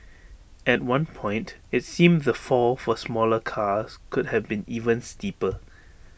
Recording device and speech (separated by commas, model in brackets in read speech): boundary microphone (BM630), read sentence